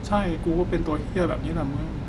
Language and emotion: Thai, sad